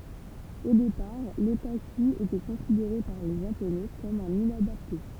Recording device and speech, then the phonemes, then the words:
temple vibration pickup, read sentence
o depaʁ lotaky etɛ kɔ̃sideʁe paʁ le ʒaponɛ kɔm œ̃n inadapte
Au départ, l'otaku était considéré par les Japonais comme un inadapté.

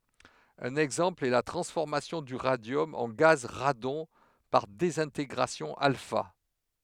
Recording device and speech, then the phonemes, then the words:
headset microphone, read sentence
œ̃n ɛɡzɑ̃pl ɛ la tʁɑ̃sfɔʁmasjɔ̃ dy ʁadjɔm ɑ̃ ɡaz ʁadɔ̃ paʁ dezɛ̃teɡʁasjɔ̃ alfa
Un exemple est la transformation du radium en gaz radon par désintégration alpha.

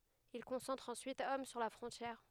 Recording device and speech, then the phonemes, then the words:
headset microphone, read sentence
il kɔ̃sɑ̃tʁt ɑ̃syit ɔm syʁ la fʁɔ̃tjɛʁ
Ils concentrent ensuite hommes sur la frontière.

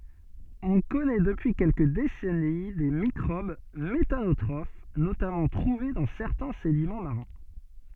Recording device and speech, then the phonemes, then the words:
soft in-ear microphone, read sentence
ɔ̃ kɔnɛ dəpyi kɛlkə desɛni de mikʁob metanotʁof notamɑ̃ tʁuve dɑ̃ sɛʁtɛ̃ sedimɑ̃ maʁɛ̃
On connait depuis quelques décennies des microbes méthanotrophes, notamment trouvés dans certains sédiments marins.

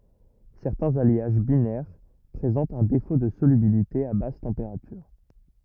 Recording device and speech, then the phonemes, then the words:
rigid in-ear microphone, read sentence
sɛʁtɛ̃z aljaʒ binɛʁ pʁezɑ̃tt œ̃ defo də solybilite a bas tɑ̃peʁatyʁ
Certains alliages binaires présentent un défaut de solubilité à basses températures.

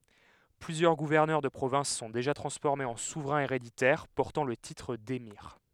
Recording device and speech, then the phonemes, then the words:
headset microphone, read sentence
plyzjœʁ ɡuvɛʁnœʁ də pʁovɛ̃s sɔ̃ deʒa tʁɑ̃sfɔʁmez ɑ̃ suvʁɛ̃z eʁeditɛʁ pɔʁtɑ̃ lə titʁ demiʁ
Plusieurs gouverneurs de provinces sont déjà transformés en souverains héréditaires, portant le titre d'émir.

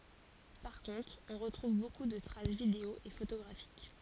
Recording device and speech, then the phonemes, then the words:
forehead accelerometer, read sentence
paʁ kɔ̃tʁ ɔ̃ ʁətʁuv boku də tʁas video e fotoɡʁafik
Par contre, on retrouve beaucoup de traces vidéo et photographiques.

